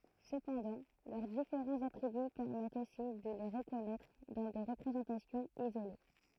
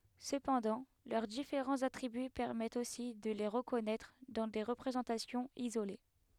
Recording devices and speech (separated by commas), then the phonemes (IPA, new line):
throat microphone, headset microphone, read sentence
səpɑ̃dɑ̃ lœʁ difeʁɑ̃z atʁiby pɛʁmɛtt osi də le ʁəkɔnɛtʁ dɑ̃ de ʁəpʁezɑ̃tasjɔ̃z izole